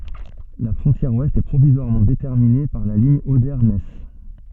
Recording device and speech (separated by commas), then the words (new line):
soft in-ear microphone, read sentence
La frontière ouest est provisoirement déterminée par la ligne Oder-Neisse.